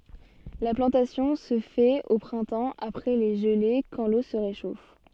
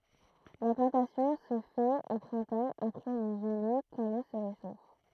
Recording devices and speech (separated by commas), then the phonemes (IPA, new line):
soft in-ear microphone, throat microphone, read sentence
la plɑ̃tasjɔ̃ sə fɛt o pʁɛ̃tɑ̃ apʁɛ le ʒəle kɑ̃ lo sə ʁeʃof